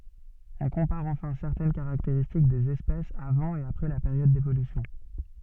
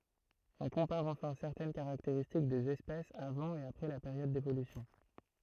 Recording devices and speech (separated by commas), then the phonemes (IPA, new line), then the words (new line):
soft in-ear microphone, throat microphone, read sentence
ɔ̃ kɔ̃paʁ ɑ̃fɛ̃ sɛʁtɛn kaʁakteʁistik dez ɛspɛsz avɑ̃ e apʁɛ la peʁjɔd devolysjɔ̃
On compare enfin certaines caractéristiques des espèces avant et après la période d'évolution.